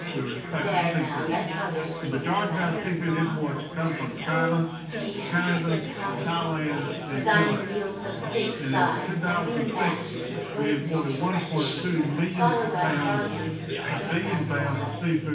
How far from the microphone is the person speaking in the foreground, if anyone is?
9.8 m.